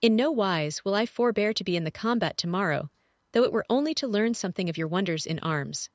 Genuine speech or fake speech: fake